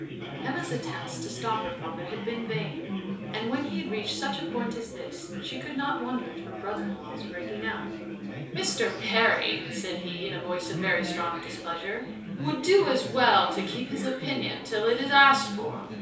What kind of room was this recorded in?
A small space (about 3.7 m by 2.7 m).